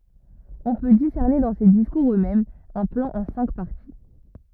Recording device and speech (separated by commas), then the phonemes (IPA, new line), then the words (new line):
rigid in-ear microphone, read sentence
ɔ̃ pø disɛʁne dɑ̃ se diskuʁz øksmɛmz œ̃ plɑ̃ ɑ̃ sɛ̃k paʁti
On peut discerner dans ces discours eux-mêmes un plan en cinq parties.